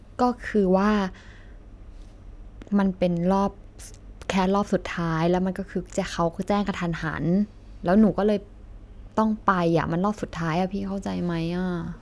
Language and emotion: Thai, frustrated